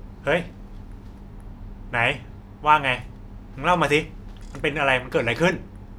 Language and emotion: Thai, angry